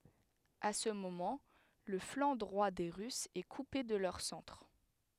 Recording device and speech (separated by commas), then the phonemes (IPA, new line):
headset microphone, read sentence
a sə momɑ̃ lə flɑ̃ dʁwa de ʁysz ɛ kupe də lœʁ sɑ̃tʁ